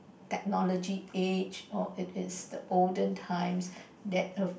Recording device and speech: boundary microphone, conversation in the same room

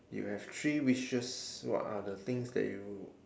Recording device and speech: standing microphone, conversation in separate rooms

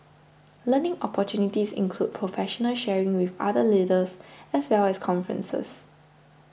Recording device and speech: boundary microphone (BM630), read sentence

